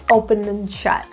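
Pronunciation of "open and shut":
In 'open and shut', 'and' is reduced to just an n sound.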